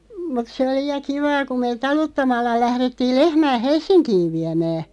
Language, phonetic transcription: Finnish, mut 'se oli ja "kivaa ku meeᵗ "taluttamalla 'lährettiil 'lehmää "Hels̆siŋkiiv 'viämää .
- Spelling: mutta se oli ja kivaa kun me taluttamalla lähdettiin lehmää Helsinkiin viemään

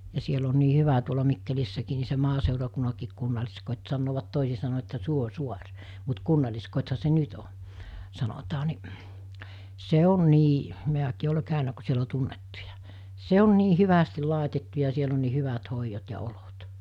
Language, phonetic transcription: Finnish, ja siel ‿on nii 'hyvä tuola 'Mikkelissäkii ni se 'maasèurakunnakiik kunnaĺiskot́ sannoovat 'tòisi sano että 'Suo'suar , mut 'kunnal̜liskot̜ha se "nyt o , sanotaa ni , 'se on nii , mi̬äkii ole 'kä̀ynä ku siel ‿o 'tunnettuja , "se on nii 'hyvästil̆ 'làetettu ja 'siel ‿on nii 'hyvat 'hoijot ja 'olot .
- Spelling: ja siellä on niin hyvä tuolla Mikkelissäkin niin se maaseurakunnankin kunnalliskoti sanovat toisin sanoin että Suosaari mutta kunnalliskotihan se nyt on sanotaan niin se on niin minäkin olen käynyt kun siellä on tunnettuja se on niin hyvästi laitettu ja siellä on niin hyvät hoidot ja olot

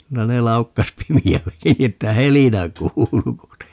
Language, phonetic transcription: Finnish, 'kyllä ne 'laukkas "pimi₍ä(lläki) ni että "helinä 'kuulu ku ne , .
- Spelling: kyllä ne laukkasi pimeälläkin niin että helinä kuului kun ne

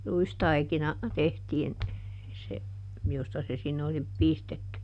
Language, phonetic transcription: Finnish, ˈruistaikina , ˈtehtiin , se , ˈjosta se ˈsinne oli , ˈpistetty .
- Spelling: ruistaikina tehtiin se josta se sinne oli pistetty

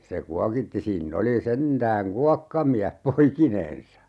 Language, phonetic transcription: Finnish, se 'kuakitti 'siinn ‿oli 'sentääŋ "kuakkamiäh "poikinen̬sa !
- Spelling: se kuokitti siinä oli sentään kuokkamies poikinensa

